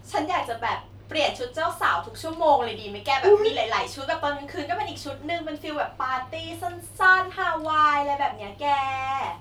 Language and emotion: Thai, happy